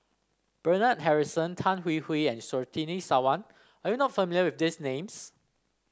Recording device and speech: standing microphone (AKG C214), read sentence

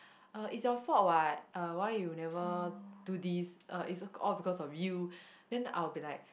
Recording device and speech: boundary microphone, conversation in the same room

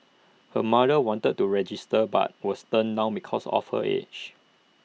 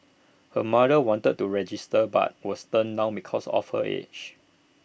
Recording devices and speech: mobile phone (iPhone 6), boundary microphone (BM630), read sentence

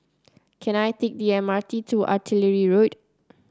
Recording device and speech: close-talking microphone (WH30), read sentence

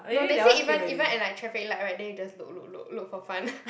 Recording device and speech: boundary microphone, conversation in the same room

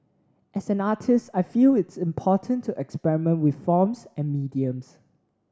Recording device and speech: standing microphone (AKG C214), read sentence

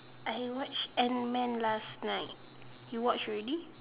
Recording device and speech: telephone, conversation in separate rooms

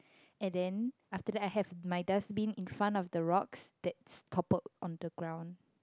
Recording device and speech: close-talking microphone, conversation in the same room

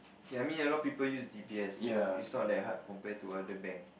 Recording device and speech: boundary microphone, conversation in the same room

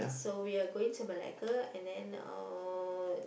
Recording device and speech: boundary microphone, conversation in the same room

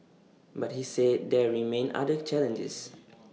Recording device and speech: mobile phone (iPhone 6), read sentence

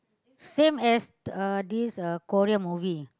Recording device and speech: close-talking microphone, conversation in the same room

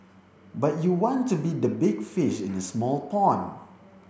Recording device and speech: boundary microphone (BM630), read sentence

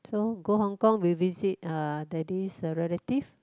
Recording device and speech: close-talking microphone, conversation in the same room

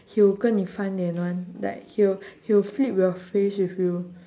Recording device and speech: standing microphone, conversation in separate rooms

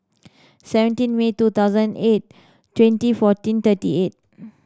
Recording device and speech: standing microphone (AKG C214), read sentence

